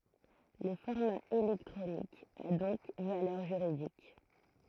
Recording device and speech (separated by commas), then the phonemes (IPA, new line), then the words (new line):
throat microphone, read sentence
lə fɔʁma elɛktʁonik a dɔ̃k valœʁ ʒyʁidik
Le format électronique a donc valeur juridique.